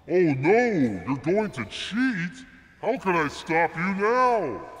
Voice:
ominous voice